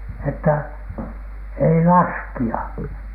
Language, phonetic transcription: Finnish, että : » ei "laski₍a ! «
- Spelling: että ei laskea

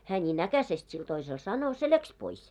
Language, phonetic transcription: Finnish, hää ńiin 'äkäsest sil toisel 'sano , se 'läks 'pois .
- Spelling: hän niin äkäisesti sille toiselle sanoi se lähti pois

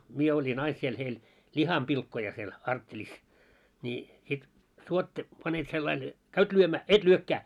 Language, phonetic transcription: Finnish, 'mie oĺin 'ais siel heil , "ĺiham'pilkkoja siel , 'arttelis , ńi sit , 'suotta , panet sellail ja , "käyt 'lyömää , "et 'lyökkää .
- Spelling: minä olin aina siellä heillä lihanpilkkoja siellä arttelissa niin sitten suotta panet sillä lailla ja käyt lyömään et lyökään

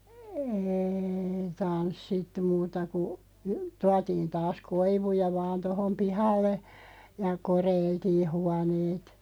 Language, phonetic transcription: Finnish, êi 'tanssittu 'muuta ku , 'tuatiin 'taas "koivuja 'vaan 'tohom "pihalle , ja "koreiltii 'huaneet .
- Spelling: ei tanssittu muuta kuin tuotiin taas koivuja vain tuohon pihalle ja koreiltiin huoneet

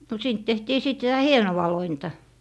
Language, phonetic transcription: Finnish, no 'siint tehtii 'sìt 'sitä "hienowa 'lointa .
- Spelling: no siitä tehtiin sitten sitä hienoa lointa

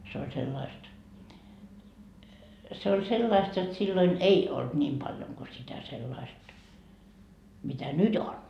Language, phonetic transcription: Finnish, se oĺ 'sellaist , se oĺ 'sellaist jot silloin "ei olt 'ńiim paljoŋ ko sitä 'sellaist , mitä "nyt ‿on .
- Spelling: se oli sellaista se oli sellaista jotta silloin ei ollut niin paljon kuin sitä sellaista mitä nyt on

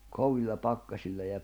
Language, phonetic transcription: Finnish, 'kovilla 'pakkaśilla ja .
- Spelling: kovilla pakkasilla ja

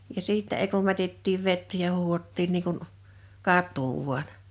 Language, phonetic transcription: Finnish, ja 'siittä ei kum 'mätettiiv 'vettä ja 'huuhottiin nii kun , "kat̀uu vuan .
- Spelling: ja sitten ei kun mätettiin vettä ja huuhdottiin niin kuin katua vain

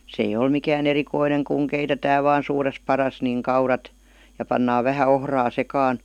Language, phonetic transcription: Finnish, s ‿ei'j ‿ol mikää"n ‿erikoineŋ kuŋ 'keitetää vaan̬ ' suures 'paras niŋ "kaurat , ja pannaa 'vähä "ohraa 'sekaan .
- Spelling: se ei ole mikään erikoinen kun keitetään vain - suuressa padassa niin kaurat ja pannaan vähän ohraa sekaan

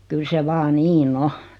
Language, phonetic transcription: Finnish, 'kyl se 'vaa "nii"n ‿o .
- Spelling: kyllä se vain niin on

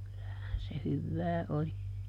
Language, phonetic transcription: Finnish, kyllähän se ˈhyvvää oli .
- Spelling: kyllähän se hyvää oli

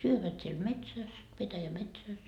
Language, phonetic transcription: Finnish, 'syövät siel "metsäs , 'petäjä"metsäs .
- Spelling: syövät siellä metsässä petäjämetsässä

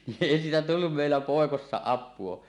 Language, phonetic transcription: Finnish, ni’ ’èi siitä 'tullum mèillä "pòekossa "ap̆puo .
- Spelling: niin ei siitä tullut meillä poikasena apua

